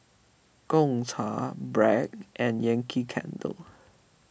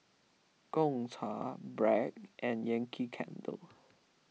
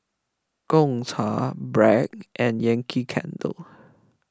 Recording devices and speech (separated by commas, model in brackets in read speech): boundary microphone (BM630), mobile phone (iPhone 6), close-talking microphone (WH20), read sentence